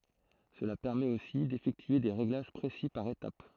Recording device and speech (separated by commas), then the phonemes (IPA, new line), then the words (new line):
throat microphone, read sentence
səla pɛʁmɛt osi defɛktye de ʁeɡlaʒ pʁesi paʁ etap
Cela permet aussi d'effectuer des réglages précis par étape.